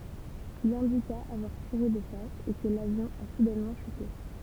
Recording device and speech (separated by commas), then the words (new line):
temple vibration pickup, read sentence
Il indiqua avoir tiré de face et que l'avion a soudainement chuté.